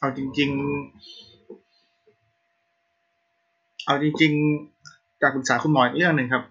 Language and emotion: Thai, frustrated